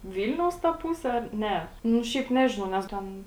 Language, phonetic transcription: Lithuanian, ˈvylniaus ta ˈpuse ˈar ˈne nu ˈšiaip ˈnežinau nes ˈten

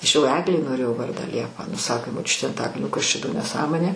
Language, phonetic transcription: Lithuanian, ˈaš jau ˈeglei noˈrėjau ˈvardą ˈliepa ˈnu ˈsakė moˈčiutė anˈtakalnio ˈkas ˈčia do neˈsąmonė

